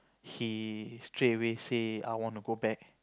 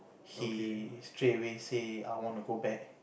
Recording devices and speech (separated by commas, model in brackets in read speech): close-talking microphone, boundary microphone, conversation in the same room